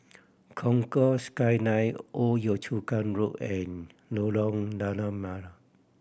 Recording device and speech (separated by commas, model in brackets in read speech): boundary microphone (BM630), read sentence